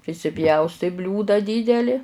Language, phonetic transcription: Lithuanian, prisiˈpjaustai ˈbliūda ˈdydeli

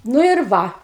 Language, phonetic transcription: Lithuanian, nu ir ˈva

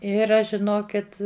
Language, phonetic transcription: Lithuanian, ˈir ˈaš žiˈnokit

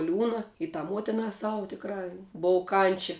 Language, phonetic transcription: Lithuanian, ˈliūna i tā ˈmuotinā ˈsavu tikˈrā ˈbov ˈkančia

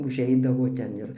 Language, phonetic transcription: Lithuanian, užˈeidavo ten ˈir

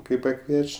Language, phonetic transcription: Lithuanian, kai paˈkvieč'

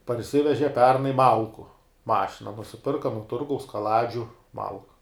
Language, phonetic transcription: Lithuanian, parˈsiveže ˈpernai ˈmalku ˈmašina nusiˈpirka nu ˈturgaus kaˈladžiu ˈmalku

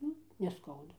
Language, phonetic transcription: Lithuanian, ˈnu neˈskauda

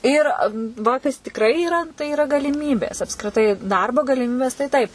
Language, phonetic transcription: Lithuanian, ˈyr ˈva ˈkas tikˈrai yˈra tai yˈra galiˈmybės apskriˈtai ˈdarbo galiˈmybės tai ˈtaip

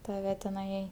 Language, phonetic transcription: Lithuanian, taˈve teˈnai

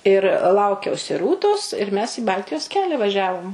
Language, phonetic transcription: Lithuanian, ir ˈlaukiausi ˈrūtos ir mes į ˈbaltijos ˈkelia vaˈžiavom

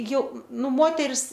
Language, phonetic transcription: Lithuanian, ˈjau ˈnu ˈmoteris

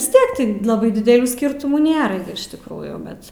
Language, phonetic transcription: Lithuanian, vis ˈtiek ˈti ˈlabai didelˈių ˈskirtumų ˈnėra gi iš tikˈrųjų ˈbet

